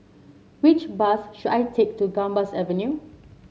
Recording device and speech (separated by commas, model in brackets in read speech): mobile phone (Samsung C7), read sentence